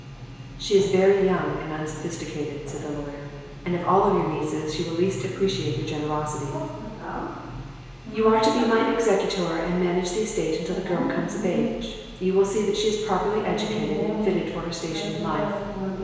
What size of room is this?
A large, very reverberant room.